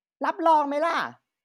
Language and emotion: Thai, angry